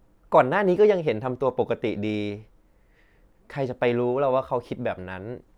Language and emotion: Thai, neutral